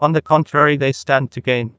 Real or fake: fake